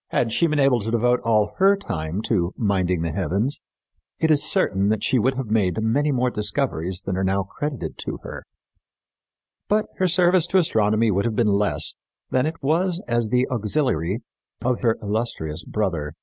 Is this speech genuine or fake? genuine